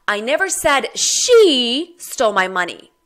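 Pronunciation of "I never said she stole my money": In 'I never said she stole my money', the emphasis is on the word 'she'.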